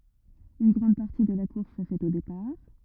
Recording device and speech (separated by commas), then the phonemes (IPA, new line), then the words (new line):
rigid in-ear microphone, read sentence
yn ɡʁɑ̃d paʁti də la kuʁs sə fɛt o depaʁ
Une grande partie de la course se fait au départ.